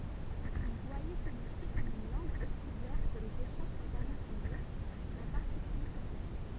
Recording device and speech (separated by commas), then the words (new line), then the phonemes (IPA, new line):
temple vibration pickup, read sentence
Il voyait celui-ci comme une langue auxiliaire pour les échanges internationaux, en particulier scientifiques.
il vwajɛ səlyi si kɔm yn lɑ̃ɡ oksiljɛʁ puʁ lez eʃɑ̃ʒz ɛ̃tɛʁnasjonoz ɑ̃ paʁtikylje sjɑ̃tifik